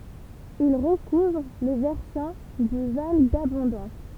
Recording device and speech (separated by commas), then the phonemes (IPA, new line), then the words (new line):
temple vibration pickup, read sentence
il ʁəkuvʁ le vɛʁsɑ̃ dy val dabɔ̃dɑ̃s
Il recouvre les versants du val d'Abondance.